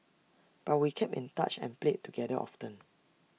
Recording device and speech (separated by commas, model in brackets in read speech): mobile phone (iPhone 6), read sentence